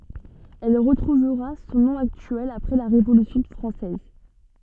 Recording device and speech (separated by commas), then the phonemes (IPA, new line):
soft in-ear microphone, read sentence
ɛl ʁətʁuvʁa sɔ̃ nɔ̃ aktyɛl apʁɛ la ʁevolysjɔ̃ fʁɑ̃sɛz